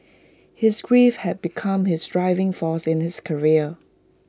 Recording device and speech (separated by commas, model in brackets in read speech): close-talking microphone (WH20), read sentence